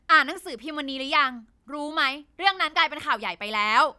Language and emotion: Thai, angry